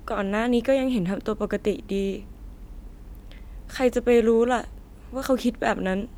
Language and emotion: Thai, sad